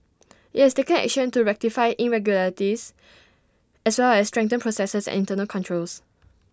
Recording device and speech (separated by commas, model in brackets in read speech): standing microphone (AKG C214), read sentence